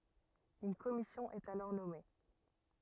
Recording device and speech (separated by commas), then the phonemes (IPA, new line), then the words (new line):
rigid in-ear microphone, read sentence
yn kɔmisjɔ̃ ɛt alɔʁ nɔme
Une commission est alors nommée.